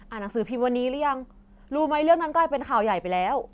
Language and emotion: Thai, frustrated